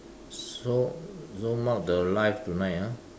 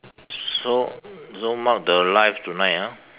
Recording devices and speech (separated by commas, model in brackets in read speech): standing microphone, telephone, conversation in separate rooms